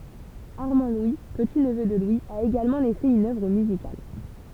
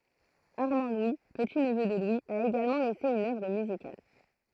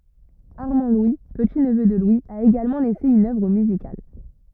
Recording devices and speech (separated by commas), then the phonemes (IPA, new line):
temple vibration pickup, throat microphone, rigid in-ear microphone, read sentence
aʁmɑ̃dlwi pətitnvø də lwi a eɡalmɑ̃ lɛse yn œvʁ myzikal